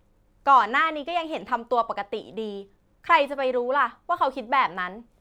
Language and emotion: Thai, frustrated